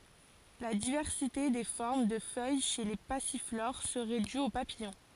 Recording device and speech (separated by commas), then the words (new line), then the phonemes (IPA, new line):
forehead accelerometer, read sentence
La diversité des formes de feuilles chez les passiflores serait due aux papillons.
la divɛʁsite de fɔʁm də fœj ʃe le pasifloʁ səʁɛ dy o papijɔ̃